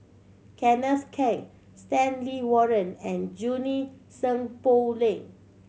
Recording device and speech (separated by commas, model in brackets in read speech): mobile phone (Samsung C7100), read sentence